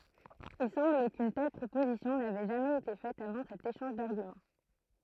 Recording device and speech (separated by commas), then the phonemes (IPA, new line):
throat microphone, read sentence
il sɑ̃bl kyn tɛl pʁopozisjɔ̃ navɛ ʒamɛz ete fɛt avɑ̃ sɛt eʃɑ̃ʒ daʁɡymɑ̃